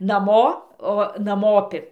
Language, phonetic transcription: Lithuanian, naˈmo o naˈmopi

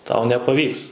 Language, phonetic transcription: Lithuanian, tau nepaˈvyks

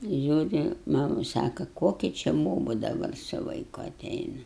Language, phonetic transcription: Lithuanian, ˈžiūri ˈmamu ˈsaka ˈkoki či ˈbobu daˈbar su vaiˈku aˈteina

